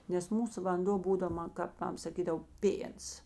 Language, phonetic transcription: Lithuanian, nes ˈmūsu vanˈdo ˈbūdav ˈman kap ˈmam saˈkydav ˈpėns

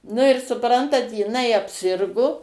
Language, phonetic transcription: Lithuanian, nu ir suˈprantat jiˈnai apˈsirgo

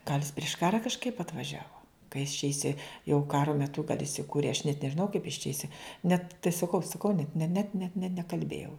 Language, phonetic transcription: Lithuanian, gal' jis priš ˈkara kažˈkaip atvaˈžiavo ˈka jis čia iˈsi jau ˈkaro meˈtu kad isiˈkūrė aš net nežiˈnau kaip is čia iˈsi net tai saˈkau saˈkau net ne ne net ne nekalˈbėjau

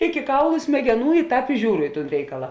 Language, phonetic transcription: Lithuanian, iki ˈkaulu smegeˈnų i ˈtāp i ˈžiūru i ˈtūn ˈreikala

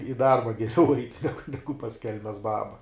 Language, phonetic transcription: Lithuanian, i ˈdarba geˈriau ait' ˈnegu ˈnegu pas ˈkelmes ˈbaba

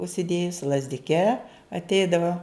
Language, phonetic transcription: Lithuanian, užsiˈdėjusi lazdiˈke atˈeidava

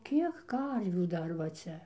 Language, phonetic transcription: Lithuanian, ˈkiek ˈkarvių ˈdar va ˈcia

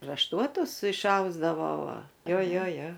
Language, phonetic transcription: Lithuanian, rašˈtuotus išˈausdavo ˈva ˈjo ˈjo ˈjo

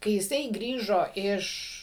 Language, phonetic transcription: Lithuanian, kai jiˈsai ˈgrįžo ˈiš

